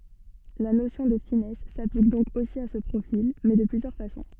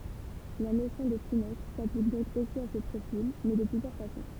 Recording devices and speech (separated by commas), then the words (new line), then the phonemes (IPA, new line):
soft in-ear microphone, temple vibration pickup, read sentence
La notion de finesse s'applique donc aussi à ce profil, mais de plusieurs façons.
la nosjɔ̃ də finɛs saplik dɔ̃k osi a sə pʁofil mɛ də plyzjœʁ fasɔ̃